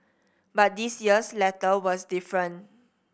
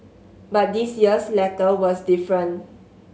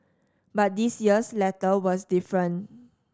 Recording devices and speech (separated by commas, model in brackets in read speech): boundary microphone (BM630), mobile phone (Samsung S8), standing microphone (AKG C214), read sentence